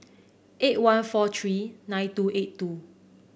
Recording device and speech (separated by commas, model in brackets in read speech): boundary microphone (BM630), read sentence